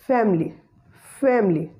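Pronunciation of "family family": In 'family', the schwa sound after the m is not pronounced; it is deleted.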